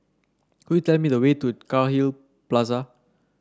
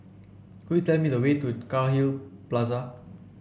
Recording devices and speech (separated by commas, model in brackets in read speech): standing microphone (AKG C214), boundary microphone (BM630), read sentence